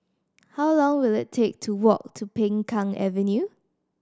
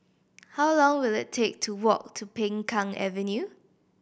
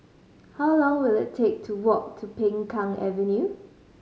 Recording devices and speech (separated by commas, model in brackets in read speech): standing microphone (AKG C214), boundary microphone (BM630), mobile phone (Samsung C5010), read sentence